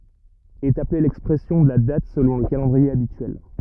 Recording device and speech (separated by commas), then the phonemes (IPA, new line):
rigid in-ear microphone, read sentence
ɛt aple lɛkspʁɛsjɔ̃ də la dat səlɔ̃ lə kalɑ̃dʁie abityɛl